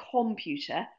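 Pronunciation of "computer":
'computer' is pronounced incorrectly here, with the stress not on the second syllable, where it belongs.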